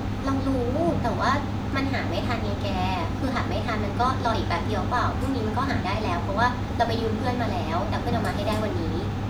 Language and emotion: Thai, frustrated